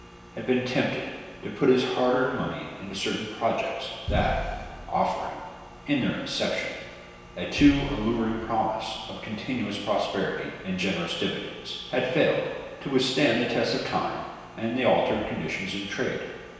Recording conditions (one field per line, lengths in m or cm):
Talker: one person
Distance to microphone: 1.7 m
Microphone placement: close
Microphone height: 1.0 m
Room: very reverberant, large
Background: none